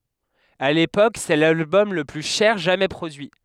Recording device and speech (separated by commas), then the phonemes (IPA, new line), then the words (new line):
headset microphone, read sentence
a lepok sɛ lalbɔm lə ply ʃɛʁ ʒamɛ pʁodyi
À l’époque, c’est l’album le plus cher jamais produit.